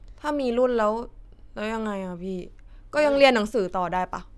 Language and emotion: Thai, neutral